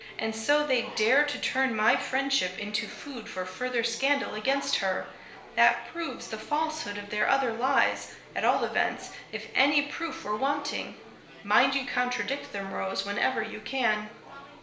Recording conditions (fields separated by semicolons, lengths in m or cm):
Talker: one person; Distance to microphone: 1.0 m; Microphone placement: close; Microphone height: 1.1 m; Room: small (3.7 m by 2.7 m); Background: babble